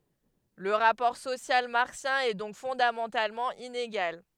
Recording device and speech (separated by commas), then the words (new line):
headset microphone, read sentence
Le rapport social marxien est donc fondamentalement inégal.